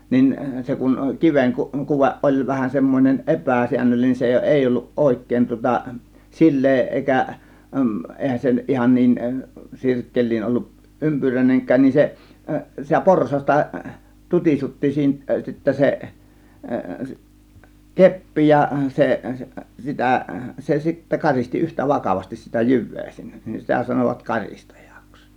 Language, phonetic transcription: Finnish, nin 'se kuŋ 'kiveŋ ku- , 'kuveˀ ˀoĺ vähän semmon͕en "epä̀siännöllinen se 'èi 'olluˀ "ˀòėk̆kèĭn tŭŏta "sil̆lee èikä , 'ˀèihän se nyt 'ihan niin , "sirkkeĺ̆liin 'ˀolluˀ "ˀympyräineŋk̀ään nin se , sitä "porsasta , "tut͕isutti siinä sittä se , "keppi ja 'seˀ , 'sitä , 'se sittä 'karisti 'yhtä 'vakavastis sitä "jyv̆vee sinnE , nin 'sitä sanovat "kar͕istAJAks .
- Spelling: niin se kun kiven - kuve oli vähän semmoinen epäsäännöllinen se ei ollut oikein tuota sileä eikä eihän se nyt ihan niin sirkkeliin ollut ympyriäinenkään niin se sitä porsasta tutisutti siinä sittä se keppi ja se sitä se sitten karisti yhtä vakavasti sitä jyvää sinne niin sitä sanoivat karistajaksi

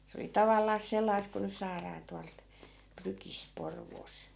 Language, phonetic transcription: Finnish, se oli 'tavallaas 'sellais ku nys̆ 'saaraa 'tualt , 'prykisᵗ 'Porvoos .
- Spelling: se oli tavallaan sellaista kuin nyt saadaan tuolta prykistä Porvoosta

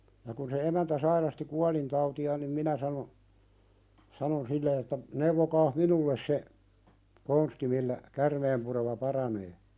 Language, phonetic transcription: Finnish, ja kun se 'emäntä sairasti "kualintauti₍aan nim "minä sano , sanon 'sille että , » neuvokaah "minulles se , 'konsti millä , "kärmeempurema 'paranee « .
- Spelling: ja kun se emäntä sairasti kuolintautiaan niin minä sanoin sanoin sille että neuvokaa minulle se konsti millä käärmeenpurema paranee

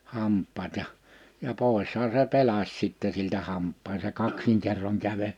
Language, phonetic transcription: Finnish, 'hamp̆paat ja , ja 'pòishaa se 'pelas 'sitte siltä 'hamp̆paan se 'kaksiŋkerroŋ 'käve(l) ,.
- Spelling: hampaat ja ja poishan se pelasi sitten siltä hampaan se kaksinkerroin käveli

